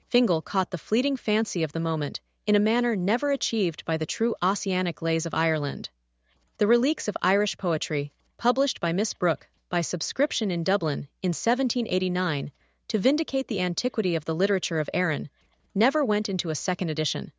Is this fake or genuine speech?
fake